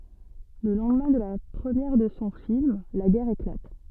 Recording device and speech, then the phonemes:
soft in-ear microphone, read sentence
lə lɑ̃dmɛ̃ də la pʁəmjɛʁ də sɔ̃ film la ɡɛʁ eklat

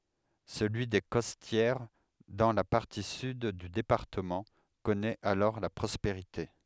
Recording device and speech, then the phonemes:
headset microphone, read sentence
səlyi de kɔstjɛʁ dɑ̃ la paʁti syd dy depaʁtəmɑ̃ kɔnɛt alɔʁ la pʁɔspeʁite

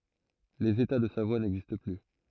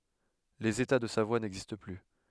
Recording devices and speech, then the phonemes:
throat microphone, headset microphone, read sentence
lez eta də savwa nɛɡzist ply

